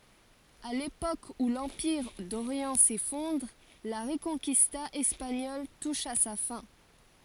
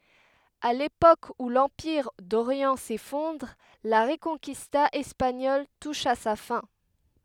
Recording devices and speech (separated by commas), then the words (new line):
forehead accelerometer, headset microphone, read sentence
À l'époque où l'Empire d'Orient s'effondre, la Reconquista espagnole touche à sa fin.